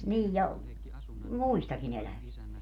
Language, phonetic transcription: Finnish, 'niij ja , "muistaki'n ‿elävist .
- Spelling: niin ja muistakin elävistä

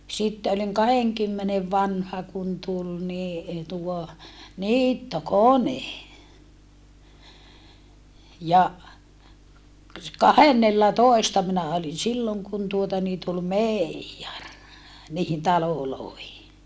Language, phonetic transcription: Finnish, sitte oliŋ kaheŋkymmenev vanha kun tul ni , tuo , niittokone , ja , kahennellatoesta minä olin̬ silloŋ kun tuota nii tul mèijjar , niihin talolòehi .
- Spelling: sitten olin kahdenkymmenen vanha kun tuli niin tuo niittokone ja kahdennellatoista minä olin silloin kun tuota niin tuli meijeri niihin taloihin

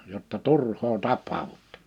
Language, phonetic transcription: Finnish, jotta "turhoo 'tap̆paavuttᴇ « .
- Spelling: jotta turhaan tapaudutte

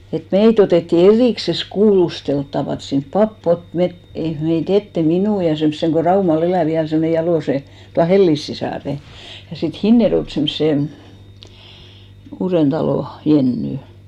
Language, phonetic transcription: Finnish, et "meit ‿otètti "eð̳§ìkses 'kuulustelttava(t) sinp 'pap'p ‿ot 'met , ei , 'mei"t ‿ette , "minù ja 'semsseŋ ko 'Raumal 'elä̀ 'viäl semmone 'jalòse , tua "Hellis sisàre , ja sit "Hinnerjoᵉlt 'semsse , Uurentalò , 'Jenny .
- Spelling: että meitä otettiin erikseen kuulusteltavaksi sinne pappi otti me ei meitä eteen minun ja semmoisen kun Raumalla elää vielä semmoinen Jalosen tuon Hellin sisaren ja sitten Hinnerjoelta semmoisen Uudentalon Jennyn

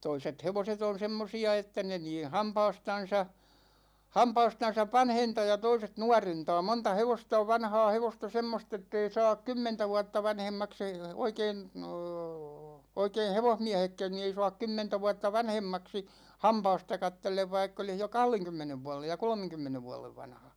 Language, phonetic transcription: Finnish, 'toiset 'hevoset ‿on 'semmosi₍a 'että ne nii "hampaastan̬sa , 'hampaastan̬sav "vanhentaa ja 'toiset "nuarentaa 'monta "hevosta ov "vanhaa 'hevosta 'semmost ‿ettei 'saak "kymmentä vuatta 'vanhemmaks ‿e[i] , oikeen̬ , , 'oikein̬ "hevohmiähekkän ni ei soak 'kymmentä vuatta "vanhemmaksi , "hampaasta 'kattellev 'vaikk ‿olih jo "kahleŋkymmenev 'vualej ja "kolmeŋkymmenev 'vualev 'vanha .
- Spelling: toiset hevoset on semmoisia että ne niin hampaastansa hampaastansa vanhentaa ja toiset nuorentaa monta hevosta on vanhaa hevosta semmoista että ei saa kymmentä vuotta vanhemmaksi ei oikein oikein hevosmiehetkään niin ei saa kymmentä vuotta vanhemmaksi hampaasta katsellen vaikka olisi jo kahdenkymmenen vuoden ja kolmenkymmenen vuoden vanha

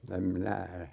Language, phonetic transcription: Finnish, em 'minä ,.
- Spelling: en minä

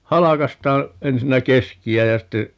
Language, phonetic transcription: Finnish, 'halakastaa , 'ensinnä "keski₍ä ja ste ,.
- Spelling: halkaistaan ensinnä keskeä ja sitten

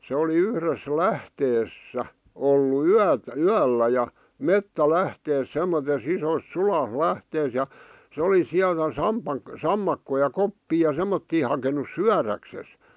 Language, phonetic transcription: Finnish, se oli "yhres "lähtees- -sä , 'ollu "yät- , "yällä ja , "mettä'lähtees 'semmotes 'isos "sua- , '-lähtees ja , 'se oli 'siältä 'samʙ̳ʙ̳ak- , 'sammakkoi ja 'koppii ja "sem̆mottii hakenus "syäräkses .
- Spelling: se oli yhdessä - lähteessä ollut - yöllä ja metsälähteessä semmoisessa isossa - suolähteessä ja se oli sieltä - sammakoita ja koppeja ja semmoisia hakenut syödäkseen

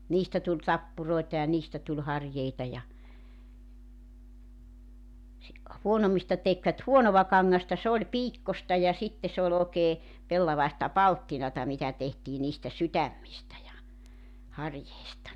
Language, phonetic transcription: Finnish, 'niistä tuĺ 'tappuroi̬ta ja 'niistä tuĺ 'harjeita ja , si- , 'huonommista tekvät "huonova 'kaŋŋasta 'se ‿oĺ "piikkosta ja 'sitte se ‿ol ‿òeke , 'pellavaista "palttinata mitä tehtii niistä 'sytämmistä ja , 'harjeista .
- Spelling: niistä tuli tappuroita ja niistä tuli harjeita ja - huonommista tekivät huonoa kangasta se oli piikkoista ja sitten se oli oikein pellavaista palttinaa mitä tehtiin niistä sydämistä ja harjeista

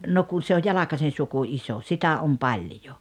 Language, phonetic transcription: Finnish, no kun̬ se oj "Jalakasen̬ 'suku "iso , 'sitä om "paĺjo .
- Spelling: no kun se on Jalkasen suku iso sitä on paljon

